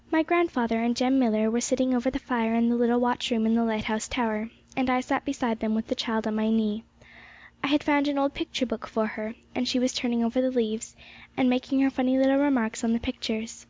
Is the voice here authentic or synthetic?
authentic